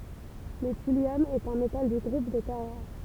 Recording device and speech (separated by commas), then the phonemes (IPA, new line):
temple vibration pickup, read sentence
lə tyljɔm ɛt œ̃ metal dy ɡʁup de tɛʁ ʁaʁ